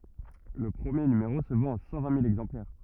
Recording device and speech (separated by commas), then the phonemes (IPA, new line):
rigid in-ear microphone, read sentence
lə pʁəmje nymeʁo sə vɑ̃t a sɑ̃ vɛ̃ mil ɛɡzɑ̃plɛʁ